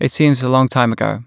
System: none